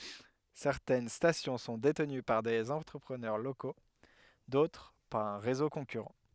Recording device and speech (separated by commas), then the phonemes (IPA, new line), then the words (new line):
headset microphone, read sentence
sɛʁtɛn stasjɔ̃ sɔ̃ detəny paʁ dez ɑ̃tʁəpʁənœʁ loko dotʁ paʁ œ̃ ʁezo kɔ̃kyʁɑ̃
Certaines stations sont détenues par des entrepreneurs locaux, d'autres par un réseau concurrent.